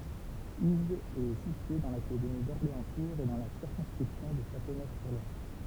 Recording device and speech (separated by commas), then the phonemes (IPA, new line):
temple vibration pickup, read sentence
izdz ɛ sitye dɑ̃ lakademi dɔʁleɑ̃stuʁz e dɑ̃ la siʁkɔ̃skʁipsjɔ̃ də ʃatonøfsyʁlwaʁ